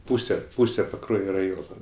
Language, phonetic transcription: Lithuanian, ˈpūse ˈpūse paˈkruojo raˈjono

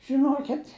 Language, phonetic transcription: Lithuanian, žiˈnokit'

